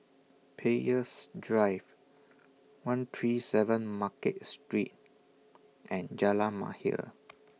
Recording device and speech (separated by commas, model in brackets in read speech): mobile phone (iPhone 6), read sentence